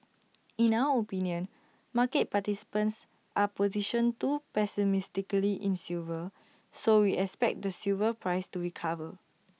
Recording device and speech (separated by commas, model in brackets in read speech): mobile phone (iPhone 6), read sentence